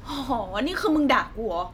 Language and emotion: Thai, angry